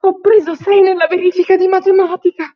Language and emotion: Italian, fearful